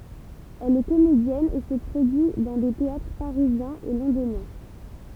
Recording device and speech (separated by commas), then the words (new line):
temple vibration pickup, read sentence
Elle est comédienne et se produit dans des théâtres parisiens et londoniens.